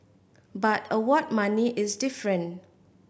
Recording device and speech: boundary microphone (BM630), read sentence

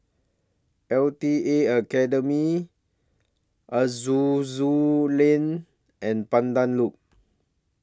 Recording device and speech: standing microphone (AKG C214), read sentence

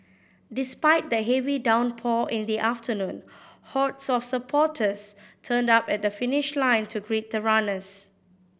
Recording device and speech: boundary microphone (BM630), read sentence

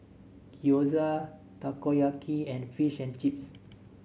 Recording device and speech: mobile phone (Samsung S8), read sentence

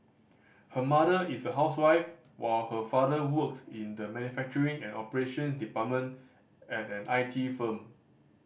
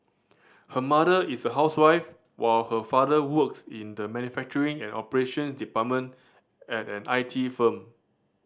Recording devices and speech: boundary microphone (BM630), standing microphone (AKG C214), read sentence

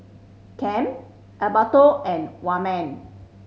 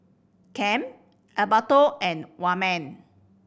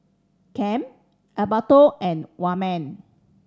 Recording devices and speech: mobile phone (Samsung C5010), boundary microphone (BM630), standing microphone (AKG C214), read sentence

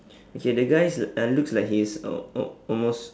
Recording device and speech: standing microphone, conversation in separate rooms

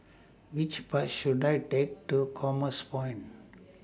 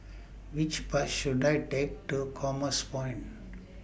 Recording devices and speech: standing microphone (AKG C214), boundary microphone (BM630), read sentence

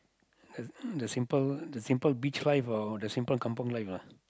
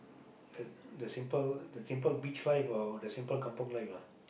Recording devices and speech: close-talking microphone, boundary microphone, conversation in the same room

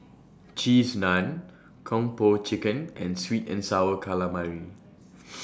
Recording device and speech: standing microphone (AKG C214), read sentence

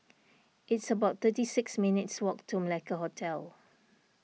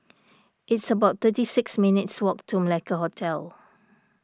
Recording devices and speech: mobile phone (iPhone 6), standing microphone (AKG C214), read sentence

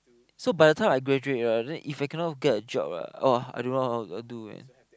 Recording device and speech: close-talking microphone, conversation in the same room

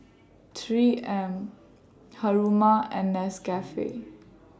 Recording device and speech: standing microphone (AKG C214), read sentence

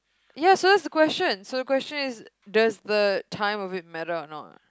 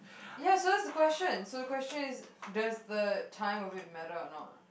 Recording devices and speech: close-talking microphone, boundary microphone, conversation in the same room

